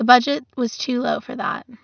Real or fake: real